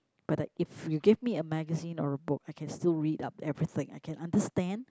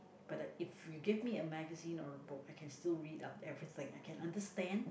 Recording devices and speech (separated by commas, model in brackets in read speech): close-talking microphone, boundary microphone, conversation in the same room